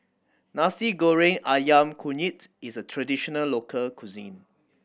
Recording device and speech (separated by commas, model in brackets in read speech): boundary microphone (BM630), read sentence